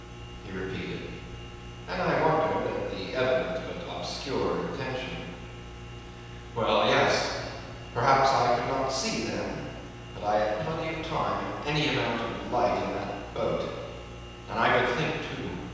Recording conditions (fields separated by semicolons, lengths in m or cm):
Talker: one person; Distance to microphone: 7.1 m; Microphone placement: far; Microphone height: 1.7 m; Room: very reverberant, large; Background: none